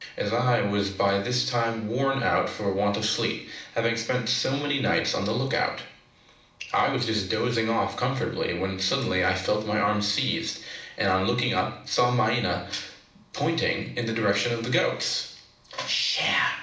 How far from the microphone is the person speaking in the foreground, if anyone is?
2.0 m.